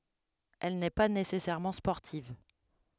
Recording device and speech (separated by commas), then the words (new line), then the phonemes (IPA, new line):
headset microphone, read sentence
Elle n'est pas nécessairement sportive.
ɛl nɛ pa nesɛsɛʁmɑ̃ spɔʁtiv